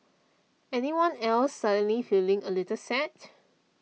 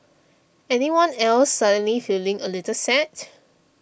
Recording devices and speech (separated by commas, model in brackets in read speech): mobile phone (iPhone 6), boundary microphone (BM630), read sentence